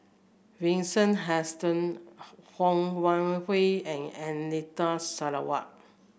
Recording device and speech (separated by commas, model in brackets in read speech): boundary microphone (BM630), read sentence